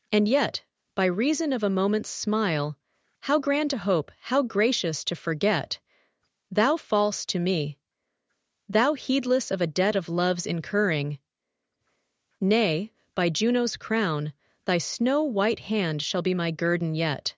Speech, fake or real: fake